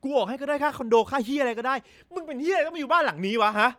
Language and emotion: Thai, angry